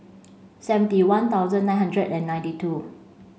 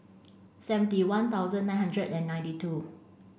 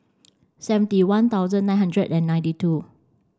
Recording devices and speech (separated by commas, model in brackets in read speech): mobile phone (Samsung C5), boundary microphone (BM630), standing microphone (AKG C214), read sentence